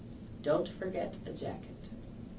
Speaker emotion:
neutral